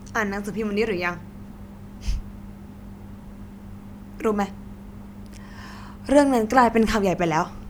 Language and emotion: Thai, frustrated